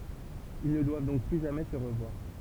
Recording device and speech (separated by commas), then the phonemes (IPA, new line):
temple vibration pickup, read sentence
il nə dwav dɔ̃k ply ʒamɛ sə ʁəvwaʁ